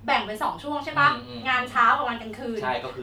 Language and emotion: Thai, neutral